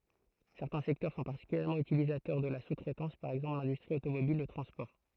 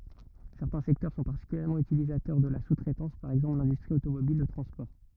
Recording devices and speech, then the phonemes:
throat microphone, rigid in-ear microphone, read sentence
sɛʁtɛ̃ sɛktœʁ sɔ̃ paʁtikyljɛʁmɑ̃ ytilizatœʁ də la su tʁɛtɑ̃s paʁ ɛɡzɑ̃pl lɛ̃dystʁi otomobil lə tʁɑ̃spɔʁ

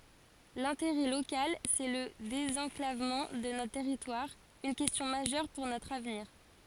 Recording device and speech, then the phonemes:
forehead accelerometer, read sentence
lɛ̃teʁɛ lokal sɛ lə dezɑ̃klavmɑ̃ də notʁ tɛʁitwaʁ yn kɛstjɔ̃ maʒœʁ puʁ notʁ avniʁ

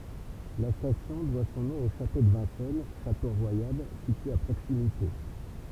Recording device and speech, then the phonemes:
temple vibration pickup, read sentence
la stasjɔ̃ dwa sɔ̃ nɔ̃ o ʃato də vɛ̃sɛn ʃato ʁwajal sitye a pʁoksimite

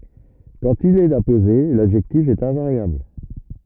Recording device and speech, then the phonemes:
rigid in-ear microphone, read sentence
kɑ̃t il ɛt apoze ladʒɛktif ɛt ɛ̃vaʁjabl

